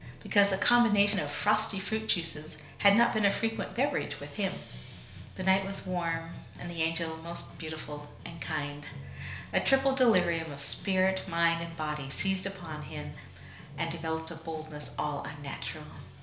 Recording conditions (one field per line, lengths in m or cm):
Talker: one person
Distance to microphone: 1.0 m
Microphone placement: close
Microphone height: 1.1 m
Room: small (3.7 m by 2.7 m)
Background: music